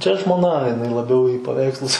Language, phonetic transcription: Lithuanian, čia žmoˈna jiˈnai laˈbiau į paˈveikslus

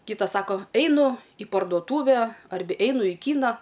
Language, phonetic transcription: Lithuanian, ˈkytas ˈsako eiˈnu i parduoˈtūve ˈarbe ˈeinu į ˈkyna

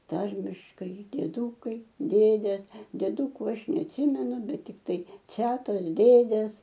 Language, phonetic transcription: Lithuanian, ˈtarmiškai dieˈdūkai ˈdėdės dieˈdūku ˈaš neatˈsimenu ˈbet tikˈtai ˈcetos ˈdėdės

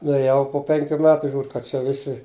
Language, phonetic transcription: Lithuanian, nuėˈjau po ˈpenkių ˈmetu ˈžiūr kad ˈčia ˈvisi

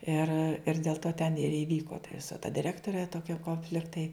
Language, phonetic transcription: Lithuanian, ir ir dėl ˈto ten ir iˈvyko ta ˈvisa ta diˈrektorė ˈtokia konˈfliktai

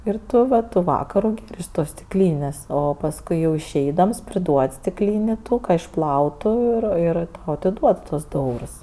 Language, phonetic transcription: Lithuanian, ir ˈtu va tu ˈvakaru iš ˈtos stikˈlynės' o pasˈkui jau išˈeidams priˈduod' stikˈlyni ˈtų ka išˈplautu ir ˈir tau atiˈduod tuos du ˈeurs

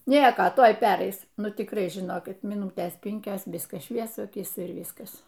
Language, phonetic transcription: Lithuanian, ˈnieko ˈtoj ˈperais ˈnu tikˈrai žiˈnokit myˈnūtės ˈpinkios ˈviskas ˈšviesu aˈkyse ir ˈvyskas

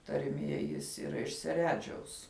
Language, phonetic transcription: Lithuanian, tarˈmie ˈjis yˈra iš seˈredžiaus

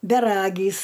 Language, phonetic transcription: Lithuanian, beˈragys

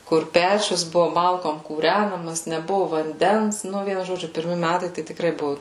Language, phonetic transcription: Lithuanian, kur ˈpečius ˈbuvo ˈmalkom kūˈrænamas neˈbuvu vanˈdens ˈnu ˈvienu žoˈdžiu pirˈmi ˈmætai ˈtai tikˈrai ˈbuvu

